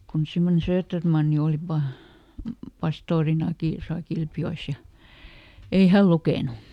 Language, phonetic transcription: Finnish, kun semmone ˈSööttermanni oli ˈpa- , "pastoorinaki tosa ˈKilpjo₍es ja , ei "häl ˈlukènu .
- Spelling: kun semmoinen Söderman oli - pastorinakin tuossa Kilpijoessa ja ei hän lukenut

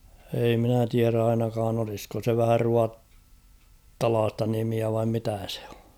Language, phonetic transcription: Finnish, ei minä tiär ‿'ainakaan ‿olisko se vähä 'ruattalaasta nimiä vaim 'mitä sᴇ ᴏ .
- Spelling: ei minä tiedä ainakaan olisiko se vähän ruotsalaista nimiä vain mitä se on

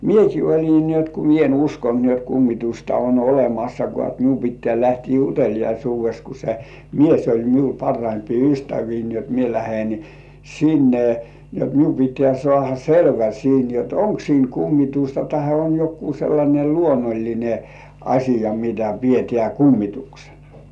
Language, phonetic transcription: Finnish, mieki 'oĺin ni ‿ot ku "mie en 'uskont ni ‿ot 'kummitusta on "olemassakŏà et 'miu pittĕä̀ lähtii "utel̜ijaisuuves ku se "mies oĺ miu 'parraimpii "ystävii ni ‿ot 'mie lähen , "sinne , ni ‿ot 'miu pit̆tĕä̀ 'sŏàha "selvä 'siin jot , "oŋk 'siin kummitusta tahe on 'jokkuu sellańe "luonoĺline , "aśija mitä pietĕä̀ 'kummituksenᴀ .
- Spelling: minäkin olin niin jotta kun minä en uskonut niin jotta kummitusta on olemassakaan että minun pitää lähteä uteliaisuudessa kun se mies oli minun parhaimpia ystäviä niin jotta minä lähden sinne niin jotta minun pitää saada selvä siinä jotta onko siinä kummitusta tai on joku sellainen luonnollinen asia mitä pidetään kummituksena

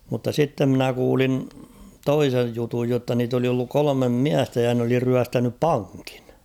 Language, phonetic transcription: Finnish, mutta 'sitte ‿mnä 'kuulin "toisej 'jutuj jotta niit ‿oli olluk 'kolomem "miästä ja n ‿oli 'ryästänyp "paŋkɪɴ .
- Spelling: mutta sitten minä kuulin toisen jutun jotta niitä oli ollut kolme miestä ja ne oli ryöstänyt pankin

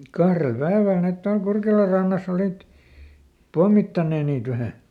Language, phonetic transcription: Finnish, ˈkahrel ˈpäeväl ˈnet tual ˈKurkelar rannas ‿olìt , "pommittannee niit ˈvähä .
- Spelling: kahdella päivällä ne tuolla Kurkelan rannassa olivat pommittaneet niitä vähän

